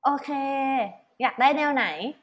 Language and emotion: Thai, happy